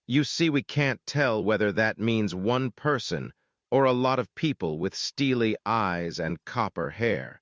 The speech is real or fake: fake